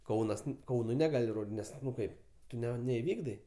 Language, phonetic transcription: Lithuanian, ˈkaunas ˈkaunui neˈgali ˈnes ˈnu ˈkaip ˈtu neiˈvykdai

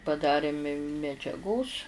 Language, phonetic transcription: Lithuanian, paˈdarė mi medžiaˈgos

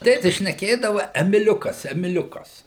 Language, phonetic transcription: Lithuanian, ˈtėtis šneˈkėdava emiˈliukas emiˈliukas

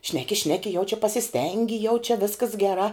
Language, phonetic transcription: Lithuanian, ˈšneki ˈšneki jau čia pasiˈstengi jau čia ˈviskas geˈrā

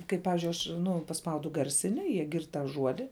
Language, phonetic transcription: Lithuanian, kai ˈpavizdžiui aš ˈnu paˈspaudu ˈgarˌsini jie ˈgird tą ˈžuodi

